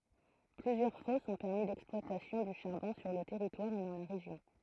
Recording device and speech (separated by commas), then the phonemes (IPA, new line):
throat microphone, read sentence
plyzjœʁ fɔsz ɔ̃ pɛʁmi lɛksplwatasjɔ̃ dy ʃaʁbɔ̃ syʁ lə tɛʁitwaʁ e dɑ̃ la ʁeʒjɔ̃